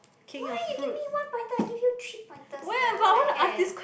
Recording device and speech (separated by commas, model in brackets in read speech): boundary microphone, conversation in the same room